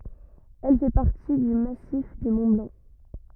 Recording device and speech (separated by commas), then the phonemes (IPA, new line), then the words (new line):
rigid in-ear microphone, read sentence
ɛl fɛ paʁti dy masif dy mɔ̃ blɑ̃
Elle fait partie du massif du Mont-Blanc.